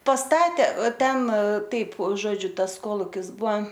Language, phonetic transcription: Lithuanian, pasˈtatė o ˈten ˈtaip ˈžodžiu ˈtas ˈkolukis ˈbua

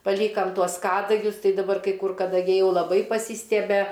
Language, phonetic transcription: Lithuanian, paˈlykam ˈtuos ˈkadagius ˈtai daˈbar ˈkai ˈkur kadaˈgiai ˈjau laˈbai paˈsystiebe

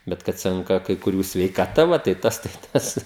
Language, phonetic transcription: Lithuanian, ˈbet kad ˈsenka kai kuˈrių sveikaˈta ˈva tai ˈtas tai ˈtas

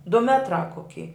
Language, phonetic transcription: Lithuanian, du ˈmetrā koˈki

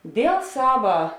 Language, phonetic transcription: Lithuanian, ˈdėl ˈsava

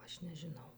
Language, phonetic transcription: Lithuanian, ˈaš nežiˈnau

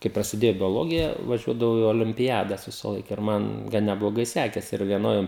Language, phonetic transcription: Lithuanian, kai prasiˈdėjo bioˈlogija vaˈžiuodavau i olimpiˈjadas visaˈlaik ir ˈman ˈgan nebloˈgai ˈsekesi ir vieˈnoj

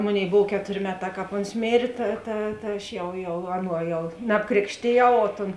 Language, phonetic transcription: Lithuanian, ˈmoˌnėi ˈbov ˈketorė ˈmeˌtā ˈkāp ˈons ˈmėrė ˈta ta ta ˈaš ˈjau jau ˈaˌnuo ˈjau nabˈkrėkštėˌjau o ton

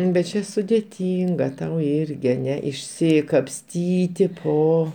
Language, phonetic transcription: Lithuanian, bet ˈčia sudeˈtynga tau ˈirgi aˈne išsikapˈstyti oˈ

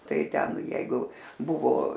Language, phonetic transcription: Lithuanian, ˈtai ˈten ˈjeigu ˈbuvo

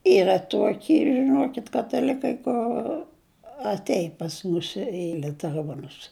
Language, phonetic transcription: Lithuanian, ˈyra ˈtuoki žiˈnuokit kataˈlikai kur atˈein pas ˈmus i liuteˈruonus

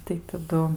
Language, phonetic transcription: Lithuanian, tai taˈdu

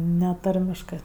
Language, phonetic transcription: Lithuanian, ˈne ˈtarmiškɜ

